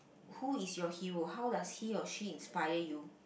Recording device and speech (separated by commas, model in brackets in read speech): boundary microphone, conversation in the same room